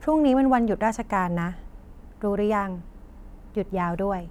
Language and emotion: Thai, neutral